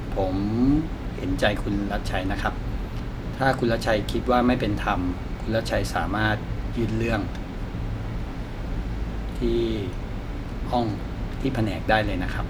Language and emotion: Thai, frustrated